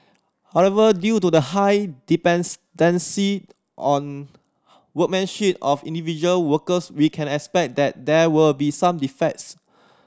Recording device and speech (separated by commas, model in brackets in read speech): standing microphone (AKG C214), read sentence